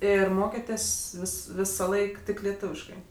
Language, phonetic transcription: Lithuanian, ˈir ˈmokėtės' ˈvis ˈvisaˌlaik ˈtik leˈtuviškai

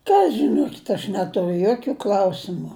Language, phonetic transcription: Lithuanian, ˈka žiˈnokit' aš ˈneturiu ˈjokiu ˈklausimu

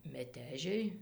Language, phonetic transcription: Lithuanian, meˈtežiai

